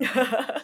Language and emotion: Thai, happy